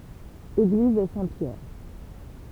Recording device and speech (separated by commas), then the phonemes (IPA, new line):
temple vibration pickup, read sentence
eɡliz sɛ̃tpjɛʁ